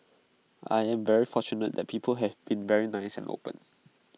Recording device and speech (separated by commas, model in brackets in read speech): mobile phone (iPhone 6), read sentence